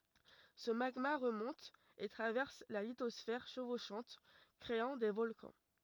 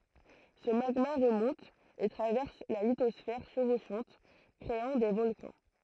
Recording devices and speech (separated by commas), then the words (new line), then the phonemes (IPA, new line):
rigid in-ear microphone, throat microphone, read sentence
Ce magma remonte et traverse la lithosphère chevauchante, créant des volcans.
sə maɡma ʁəmɔ̃t e tʁavɛʁs la litɔsfɛʁ ʃəvoʃɑ̃t kʁeɑ̃ de vɔlkɑ̃